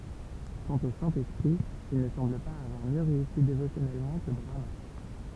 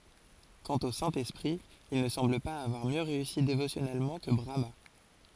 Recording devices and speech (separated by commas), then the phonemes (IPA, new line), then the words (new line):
temple vibration pickup, forehead accelerometer, read sentence
kɑ̃t o sɛ̃ ɛspʁi il nə sɑ̃bl paz avwaʁ mjø ʁeysi devosjɔnɛlmɑ̃ kə bʁama
Quant au Saint-Esprit, il ne semble pas avoir mieux réussi dévotionnellement que Brahmâ.